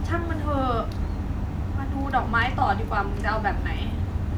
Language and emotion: Thai, frustrated